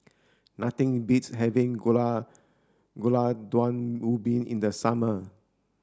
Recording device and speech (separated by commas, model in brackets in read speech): standing microphone (AKG C214), read sentence